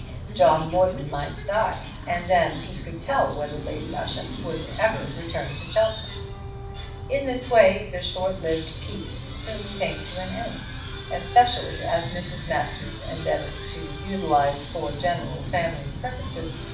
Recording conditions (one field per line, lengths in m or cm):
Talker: one person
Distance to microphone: 5.8 m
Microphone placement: far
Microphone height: 1.8 m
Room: medium-sized (5.7 m by 4.0 m)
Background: television